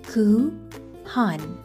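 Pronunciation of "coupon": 'Coupon' is pronounced correctly here.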